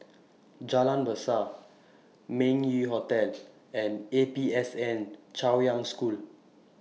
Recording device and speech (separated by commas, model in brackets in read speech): mobile phone (iPhone 6), read sentence